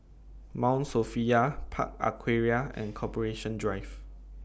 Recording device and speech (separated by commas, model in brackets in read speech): boundary microphone (BM630), read sentence